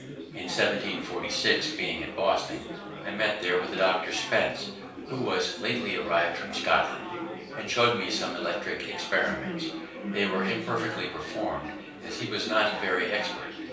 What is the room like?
A small room (about 3.7 m by 2.7 m).